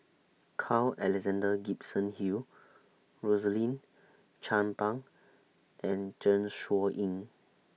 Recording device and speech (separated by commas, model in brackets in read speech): mobile phone (iPhone 6), read sentence